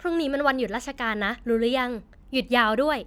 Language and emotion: Thai, happy